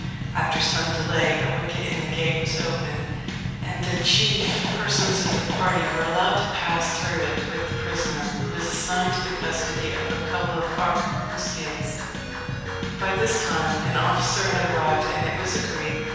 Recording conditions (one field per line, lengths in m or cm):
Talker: one person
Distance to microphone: 7.1 m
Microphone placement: far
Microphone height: 1.7 m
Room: very reverberant, large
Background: music